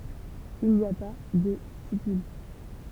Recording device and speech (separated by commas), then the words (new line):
temple vibration pickup, read sentence
Il n'y a pas de stipules.